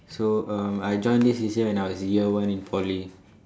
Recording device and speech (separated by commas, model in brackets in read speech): standing microphone, conversation in separate rooms